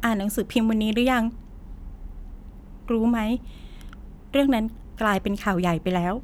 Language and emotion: Thai, sad